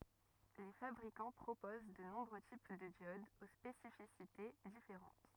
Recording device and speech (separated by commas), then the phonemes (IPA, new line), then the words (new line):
rigid in-ear microphone, read sentence
le fabʁikɑ̃ pʁopoz də nɔ̃bʁø tip də djodz o spesifisite difeʁɑ̃t
Les fabricants proposent de nombreux types de diodes aux spécificités différentes.